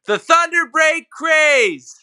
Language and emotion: English, neutral